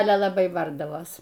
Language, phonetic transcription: Lithuanian, ˈale laˈbai ˈbardavos

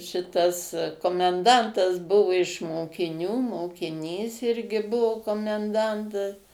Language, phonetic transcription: Lithuanian, šiˈtas komenˈdantas ˈbuvu iš mokiˈnių mokiˈnys ˈirgi ˈbuu komenˈdantas

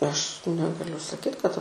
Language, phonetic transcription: Lithuanian, ˈaš ˈnegaliu saˈkyt kad

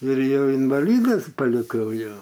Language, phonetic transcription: Lithuanian, ir ˈjau invaˈlydas paliˈkau jo

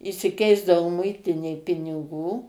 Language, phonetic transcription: Lithuanian, išsiˈkeisdavo ˈmuitinėj piniˈgų

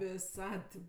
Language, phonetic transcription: Lithuanian, viˈsad tip

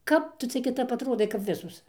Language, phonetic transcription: Lithuanian, ˈkap ˈtu ˈcia kiˈtap atˈrodai kap ˈvisos

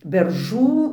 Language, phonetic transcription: Lithuanian, berˈžų

